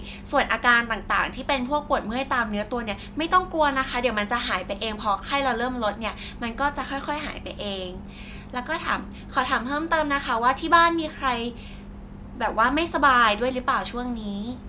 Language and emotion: Thai, neutral